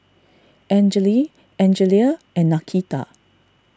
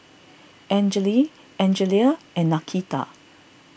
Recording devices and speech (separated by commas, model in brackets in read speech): standing microphone (AKG C214), boundary microphone (BM630), read sentence